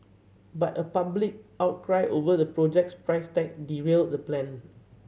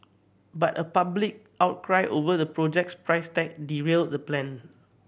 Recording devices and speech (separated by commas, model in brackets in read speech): mobile phone (Samsung C7100), boundary microphone (BM630), read sentence